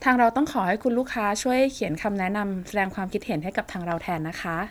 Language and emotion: Thai, neutral